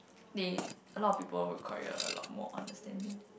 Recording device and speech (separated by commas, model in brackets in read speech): boundary microphone, conversation in the same room